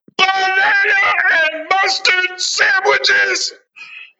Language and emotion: English, angry